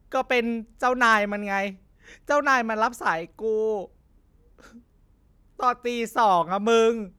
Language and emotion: Thai, sad